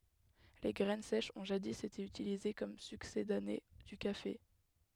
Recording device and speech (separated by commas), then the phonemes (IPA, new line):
headset microphone, read sentence
le ɡʁɛn sɛʃz ɔ̃ ʒadi ete ytilize kɔm syksedane dy kafe